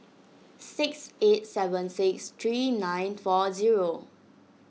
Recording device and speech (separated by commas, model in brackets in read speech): mobile phone (iPhone 6), read sentence